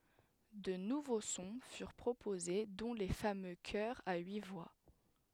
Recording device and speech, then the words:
headset microphone, read sentence
De nouveaux sons furent proposés, dont les fameux chœurs à huit voix.

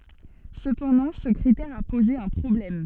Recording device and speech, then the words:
soft in-ear microphone, read sentence
Cependant, ce critère a posé un problème.

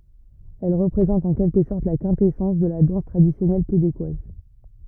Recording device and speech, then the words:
rigid in-ear microphone, read sentence
Elle représente en quelque sorte la quintessence de la danse traditionnelle québécoise.

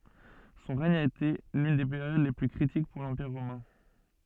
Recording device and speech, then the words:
soft in-ear microphone, read sentence
Son règne a été l'une des périodes les plus critiques pour l'Empire romain.

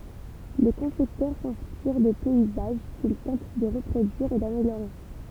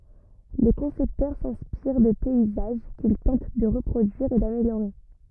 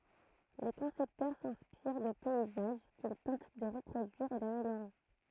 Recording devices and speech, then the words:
temple vibration pickup, rigid in-ear microphone, throat microphone, read sentence
Les concepteurs s'inspirent de paysages qu'ils tentent de reproduire et d'améliorer.

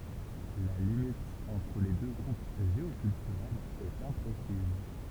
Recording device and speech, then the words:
temple vibration pickup, read sentence
La limite entre les deux groupes géoculturels est imprécise.

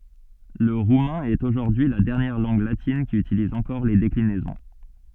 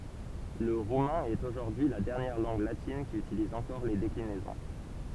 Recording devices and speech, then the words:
soft in-ear microphone, temple vibration pickup, read sentence
Le roumain est aujourd'hui la dernière langue latine qui utilise encore les déclinaisons.

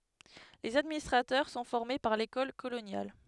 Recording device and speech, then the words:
headset microphone, read sentence
Les administrateurs sont formés par l'École coloniale.

